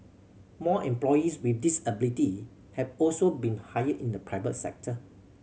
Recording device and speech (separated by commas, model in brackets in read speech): mobile phone (Samsung C7100), read sentence